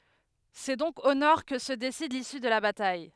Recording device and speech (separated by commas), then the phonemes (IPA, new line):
headset microphone, read sentence
sɛ dɔ̃k o nɔʁ kə sə desid lisy də la bataj